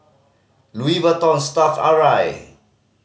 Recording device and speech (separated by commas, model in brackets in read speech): mobile phone (Samsung C5010), read sentence